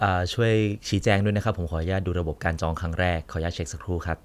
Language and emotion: Thai, neutral